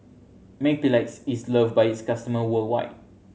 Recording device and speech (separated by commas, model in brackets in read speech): mobile phone (Samsung C7100), read sentence